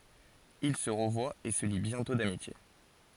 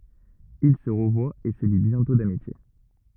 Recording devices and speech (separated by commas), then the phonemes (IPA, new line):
forehead accelerometer, rigid in-ear microphone, read sentence
il sə ʁəvwat e sə li bjɛ̃tɔ̃ damitje